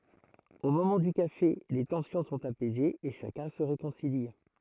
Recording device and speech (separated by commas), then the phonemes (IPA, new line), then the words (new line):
throat microphone, read sentence
o momɑ̃ dy kafe le tɑ̃sjɔ̃ sɔ̃t apɛzez e ʃakœ̃ sə ʁekɔ̃sili
Au moment du café, les tensions sont apaisées et chacun se réconcilie.